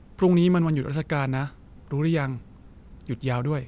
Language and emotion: Thai, neutral